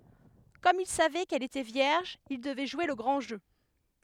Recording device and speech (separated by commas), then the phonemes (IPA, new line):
headset microphone, read sentence
kɔm il savɛ kɛl etɛ vjɛʁʒ il dəvɛ ʒwe lə ɡʁɑ̃ ʒø